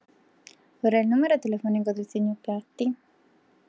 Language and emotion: Italian, neutral